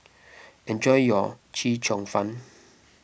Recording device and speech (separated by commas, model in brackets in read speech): boundary microphone (BM630), read sentence